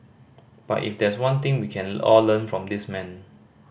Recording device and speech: boundary microphone (BM630), read sentence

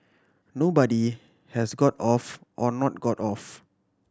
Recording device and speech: standing microphone (AKG C214), read sentence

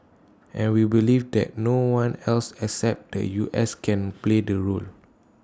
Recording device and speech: standing microphone (AKG C214), read sentence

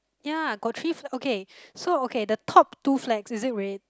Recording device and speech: close-talking microphone, conversation in the same room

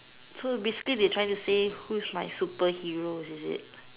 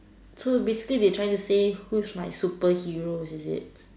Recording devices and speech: telephone, standing microphone, conversation in separate rooms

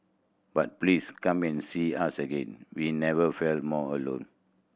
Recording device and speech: boundary microphone (BM630), read sentence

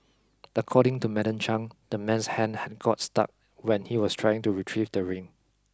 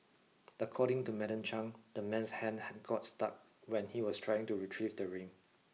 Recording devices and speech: close-talking microphone (WH20), mobile phone (iPhone 6), read sentence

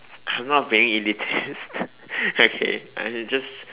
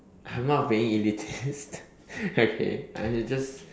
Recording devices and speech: telephone, standing microphone, conversation in separate rooms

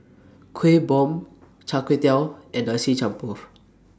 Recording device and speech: standing microphone (AKG C214), read sentence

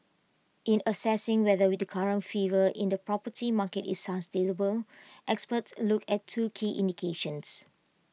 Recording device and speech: mobile phone (iPhone 6), read sentence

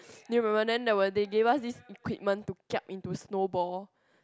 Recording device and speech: close-talking microphone, conversation in the same room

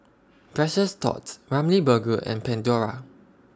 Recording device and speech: standing microphone (AKG C214), read sentence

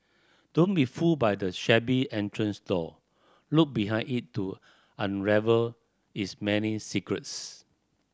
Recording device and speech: standing microphone (AKG C214), read sentence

